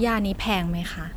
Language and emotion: Thai, neutral